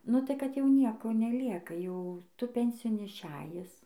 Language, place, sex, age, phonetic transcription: Lithuanian, Dzūkija, female, 18-60, nu tai ˈkad jau ˈnieko neˈlieka ˈjau ˈtu ˈpensijon išˈejis

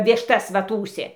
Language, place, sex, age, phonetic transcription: Lithuanian, Dzūkija, female, 60+, ˈvištas ˈva ˈtųsė

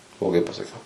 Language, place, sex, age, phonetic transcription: Lithuanian, Suvalkija, male, 18-60, bloˈgai pasaˈkiau

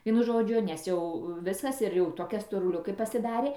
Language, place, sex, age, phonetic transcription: Lithuanian, Dzūkija, female, 60+, ˈvienu ˈžodžiu nes ˈjau ˈviskas ir jau ˈtokia storuˈliukė pasiˈdarė

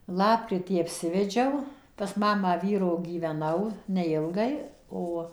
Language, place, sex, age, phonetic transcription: Lithuanian, Suvalkija, female, 60+, ˈlapkritį apˈsivedžiau pas ˈmamą ˈvyro gyveˈnau neˈilgai ˈo

